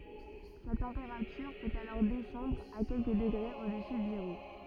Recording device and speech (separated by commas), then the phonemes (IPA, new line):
rigid in-ear microphone, read sentence
sa tɑ̃peʁatyʁ pøt alɔʁ dɛsɑ̃dʁ a kɛlkə dəɡʁez odəsy də zeʁo